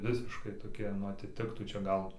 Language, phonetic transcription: Lithuanian, ˈvisiškai toˈkie nu atiˈtiktų čia ˈgal

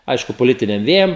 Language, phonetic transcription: Lithuanian, ˈaišku poˈlitiniam ˈvėjam

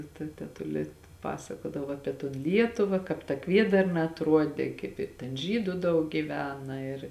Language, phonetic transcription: Lithuanian, ta ta teˈtulė ˈpasakodavo ˈapie ton ˈlietuva kāp ta ˈkviedarna atˈruodė kaip i ˈten ˈžydu ˈdaug giˈvena ir

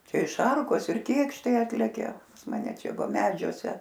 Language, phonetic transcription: Lithuanian, ˈčia i ˈšarkos ir ˈkėkštai ˈatlekia pas maˈne ˈčia ˈva ˈmedžiuose

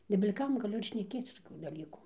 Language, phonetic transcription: Lithuanian, nebil' ˈkam gaˈliu ir šneˈkėc toˈkių daˈlykų

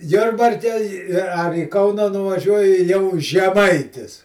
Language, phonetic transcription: Lithuanian, ˈjurbarke i ar į ˈkauna nuvaˈžiuoji jau žeˈmaitis

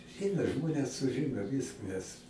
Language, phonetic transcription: Lithuanian, ˈeina ˈžmones suˈžino ˈvyskas

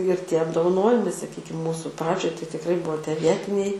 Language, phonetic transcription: Lithuanian, ir ˈtie apdovˈanojimai saˈkykim ˈmūsu ˈpradžioj tai tikˈrai ˈbuo tie ˈvietiniai

